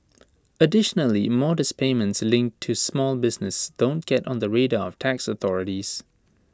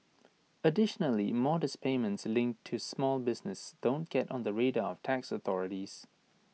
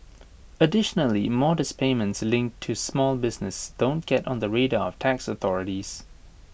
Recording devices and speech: standing microphone (AKG C214), mobile phone (iPhone 6), boundary microphone (BM630), read sentence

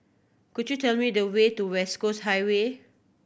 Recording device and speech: boundary microphone (BM630), read sentence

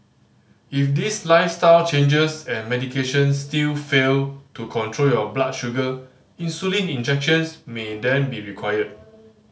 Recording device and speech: mobile phone (Samsung C5010), read sentence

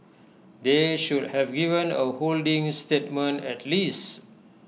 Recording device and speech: mobile phone (iPhone 6), read sentence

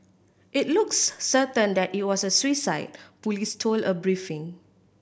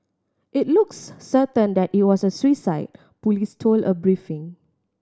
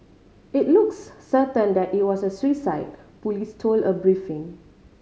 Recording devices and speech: boundary microphone (BM630), standing microphone (AKG C214), mobile phone (Samsung C5010), read sentence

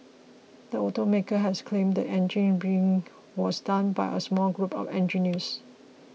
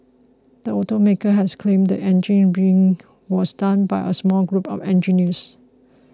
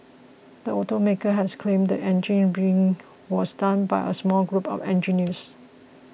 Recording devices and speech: mobile phone (iPhone 6), close-talking microphone (WH20), boundary microphone (BM630), read sentence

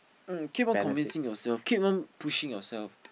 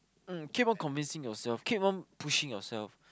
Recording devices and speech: boundary microphone, close-talking microphone, conversation in the same room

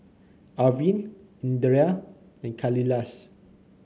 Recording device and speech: mobile phone (Samsung C9), read sentence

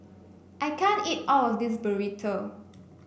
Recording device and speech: boundary microphone (BM630), read sentence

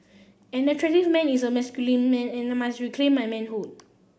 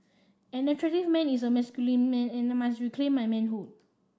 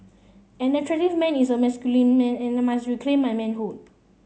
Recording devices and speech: boundary microphone (BM630), standing microphone (AKG C214), mobile phone (Samsung C7), read sentence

